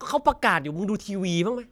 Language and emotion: Thai, frustrated